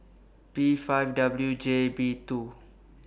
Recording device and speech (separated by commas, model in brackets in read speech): boundary microphone (BM630), read sentence